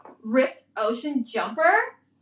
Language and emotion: English, disgusted